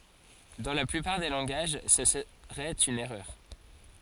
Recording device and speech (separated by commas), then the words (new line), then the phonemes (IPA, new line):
forehead accelerometer, read sentence
Dans la plupart des langages, ce serait une erreur.
dɑ̃ la plypaʁ de lɑ̃ɡaʒ sə səʁɛt yn ɛʁœʁ